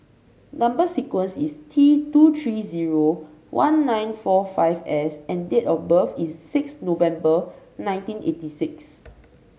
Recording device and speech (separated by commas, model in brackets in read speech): mobile phone (Samsung C5), read sentence